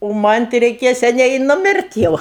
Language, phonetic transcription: Lithuanian, o ˈman' tai reiˈkėja seˈniai i nuˈmirt' ˈjau

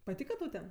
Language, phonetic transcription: Lithuanian, paˈtyka tau ˈten

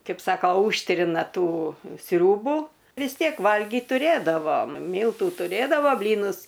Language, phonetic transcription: Lithuanian, ˈkaip ˈsako ˈūžtrina ˈtų ˈsriūbu vis ˈtiek ˈvalgyt tuˈrėdavom ˈmyltu tuˈrėdavo ˈblynus

